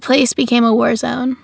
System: none